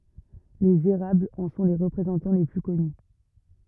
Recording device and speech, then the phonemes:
rigid in-ear microphone, read sentence
lez eʁablz ɑ̃ sɔ̃ le ʁəpʁezɑ̃tɑ̃ le ply kɔny

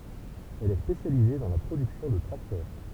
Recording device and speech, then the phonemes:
temple vibration pickup, read sentence
ɛl ɛ spesjalize dɑ̃ la pʁodyksjɔ̃ də tʁaktœʁ

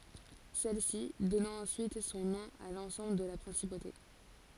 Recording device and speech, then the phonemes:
forehead accelerometer, read sentence
sɛlsi dɔnɑ̃ ɑ̃syit sɔ̃ nɔ̃ a lɑ̃sɑ̃bl də la pʁɛ̃sipote

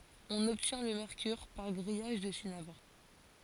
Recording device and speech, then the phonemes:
forehead accelerometer, read sentence
ɔ̃n ɔbtjɛ̃ lə mɛʁkyʁ paʁ ɡʁijaʒ dy sinabʁ

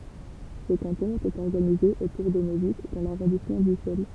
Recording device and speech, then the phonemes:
temple vibration pickup, read sentence
sə kɑ̃tɔ̃ etɛt ɔʁɡanize otuʁ də nøvik dɑ̃ laʁɔ̃dismɑ̃ dysɛl

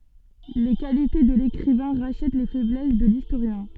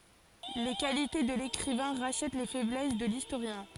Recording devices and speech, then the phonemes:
soft in-ear microphone, forehead accelerometer, read sentence
le kalite də lekʁivɛ̃ ʁaʃɛt le fɛblɛs də listoʁjɛ̃

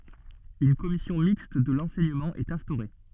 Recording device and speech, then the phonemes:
soft in-ear microphone, read sentence
yn kɔmisjɔ̃ mikst də lɑ̃sɛɲəmɑ̃ ɛt ɛ̃stoʁe

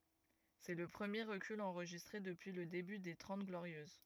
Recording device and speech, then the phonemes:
rigid in-ear microphone, read sentence
sɛ lə pʁəmje ʁəkyl ɑ̃ʁʒistʁe dəpyi lə deby de tʁɑ̃t ɡloʁjøz

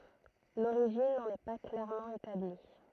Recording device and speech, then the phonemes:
throat microphone, read sentence
loʁiʒin nɑ̃n ɛ pa klɛʁmɑ̃ etabli

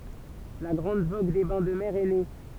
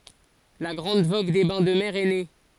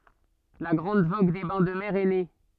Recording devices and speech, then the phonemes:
temple vibration pickup, forehead accelerometer, soft in-ear microphone, read sentence
la ɡʁɑ̃d voɡ de bɛ̃ də mɛʁ ɛ ne

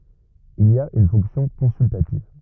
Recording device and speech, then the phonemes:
rigid in-ear microphone, read sentence
il a yn fɔ̃ksjɔ̃ kɔ̃syltativ

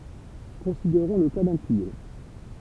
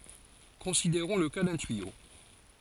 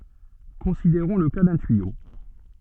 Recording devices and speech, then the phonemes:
temple vibration pickup, forehead accelerometer, soft in-ear microphone, read sentence
kɔ̃sideʁɔ̃ lə ka dœ̃ tyijo

